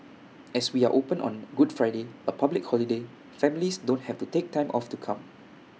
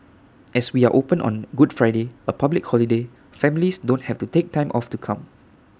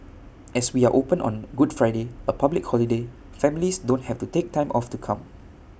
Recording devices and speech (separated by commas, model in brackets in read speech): mobile phone (iPhone 6), standing microphone (AKG C214), boundary microphone (BM630), read sentence